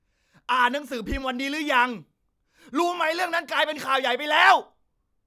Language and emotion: Thai, angry